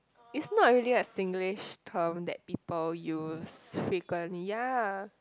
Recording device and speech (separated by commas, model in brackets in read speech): close-talking microphone, conversation in the same room